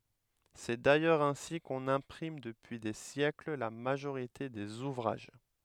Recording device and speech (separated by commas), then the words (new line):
headset microphone, read sentence
C'est d'ailleurs ainsi qu'on imprime depuis des siècles la majorité des ouvrages.